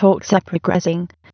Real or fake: fake